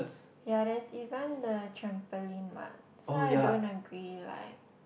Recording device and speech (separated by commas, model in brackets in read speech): boundary microphone, conversation in the same room